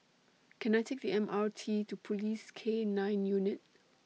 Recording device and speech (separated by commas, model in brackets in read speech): mobile phone (iPhone 6), read sentence